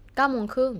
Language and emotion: Thai, neutral